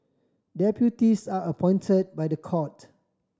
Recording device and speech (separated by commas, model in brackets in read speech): standing microphone (AKG C214), read sentence